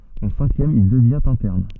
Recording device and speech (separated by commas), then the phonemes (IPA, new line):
soft in-ear microphone, read sentence
ɑ̃ sɛ̃kjɛm il dəvjɛ̃t ɛ̃tɛʁn